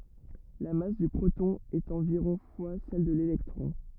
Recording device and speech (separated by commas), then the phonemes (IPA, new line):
rigid in-ear microphone, read sentence
la mas dy pʁotɔ̃ ɛt ɑ̃viʁɔ̃ fwa sɛl də lelɛktʁɔ̃